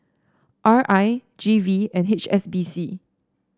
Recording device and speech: standing microphone (AKG C214), read sentence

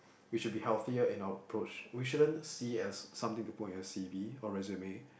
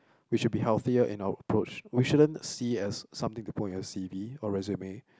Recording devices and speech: boundary microphone, close-talking microphone, conversation in the same room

